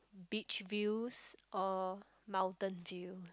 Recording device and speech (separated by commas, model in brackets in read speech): close-talking microphone, conversation in the same room